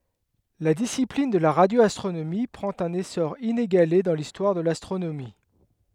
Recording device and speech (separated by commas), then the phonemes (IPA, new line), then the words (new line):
headset microphone, read sentence
la disiplin də la ʁadjoastʁonomi pʁɑ̃t œ̃n esɔʁ ineɡale dɑ̃ listwaʁ də lastʁonomi
La discipline de la radioastronomie prend un essor inégalé dans l'histoire de l'astronomie.